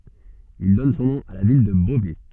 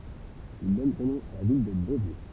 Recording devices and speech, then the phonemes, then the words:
soft in-ear microphone, temple vibration pickup, read sentence
il dɔn sɔ̃ nɔ̃ a la vil də bovɛ
Ils donnent son nom à la ville de Beauvais.

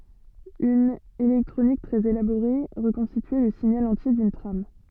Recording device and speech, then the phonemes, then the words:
soft in-ear microphone, read sentence
yn elɛktʁonik tʁɛz elaboʁe ʁəkɔ̃stityɛ lə siɲal ɑ̃tje dyn tʁam
Une électronique très élaborée reconstituait le signal entier d'une trame.

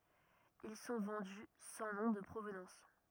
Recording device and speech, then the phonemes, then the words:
rigid in-ear microphone, read sentence
il sɔ̃ vɑ̃dy sɑ̃ nɔ̃ də pʁovnɑ̃s
Ils sont vendus sans nom de provenance.

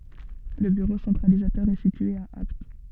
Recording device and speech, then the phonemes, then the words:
soft in-ear microphone, read sentence
lə byʁo sɑ̃tʁalizatœʁ ɛ sitye a apt
Le bureau centralisateur est situé à Apt.

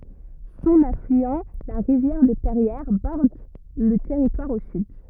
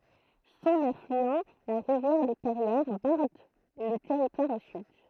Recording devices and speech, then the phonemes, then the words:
rigid in-ear microphone, throat microphone, read sentence
sɔ̃n aflyɑ̃ la ʁivjɛʁ də pɛʁjɛʁ bɔʁd lə tɛʁitwaʁ o syd
Son affluent, la rivière de Perrières, borde le territoire au sud.

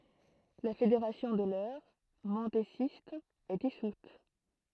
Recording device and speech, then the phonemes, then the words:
throat microphone, read sentence
la fedeʁasjɔ̃ də lœʁ mɑ̃dezist ɛ disut
La fédération de l'Eure, mendésiste, est dissoute.

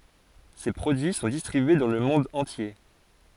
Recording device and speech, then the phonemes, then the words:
forehead accelerometer, read sentence
se pʁodyi sɔ̃ distʁibye dɑ̃ lə mɔ̃d ɑ̃tje
Ses produits sont distribués dans le monde entier.

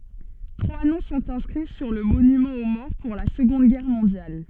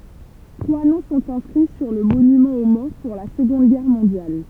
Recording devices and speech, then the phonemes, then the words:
soft in-ear microphone, temple vibration pickup, read sentence
tʁwa nɔ̃ sɔ̃t ɛ̃skʁi syʁ lə monymɑ̃ o mɔʁ puʁ la səɡɔ̃d ɡɛʁ mɔ̃djal
Trois noms sont inscrits sur le monument aux morts pour la Seconde Guerre mondiale.

